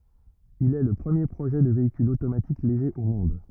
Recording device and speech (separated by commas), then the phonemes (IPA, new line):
rigid in-ear microphone, read sentence
il ɛ lə pʁəmje pʁoʒɛ də veikyl otomatik leʒe o mɔ̃d